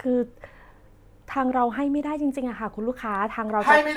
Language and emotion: Thai, sad